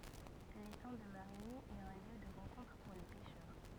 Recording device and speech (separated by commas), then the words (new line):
rigid in-ear microphone, read sentence
L'étang de Marigny est un lieu de rencontre pour les pêcheurs.